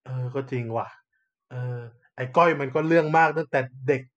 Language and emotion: Thai, frustrated